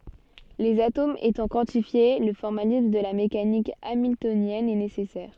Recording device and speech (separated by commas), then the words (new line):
soft in-ear microphone, read sentence
Les atomes étant quantifiés, le formalisme de la mécanique hamiltonienne est nécessaire.